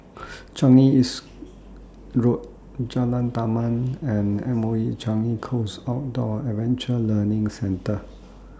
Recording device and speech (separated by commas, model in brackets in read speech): standing microphone (AKG C214), read sentence